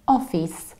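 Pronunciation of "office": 'Office' is pronounced incorrectly here.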